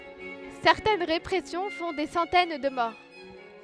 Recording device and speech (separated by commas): headset microphone, read sentence